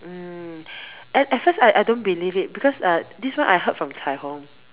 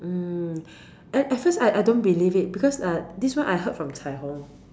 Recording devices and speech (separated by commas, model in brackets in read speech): telephone, standing microphone, conversation in separate rooms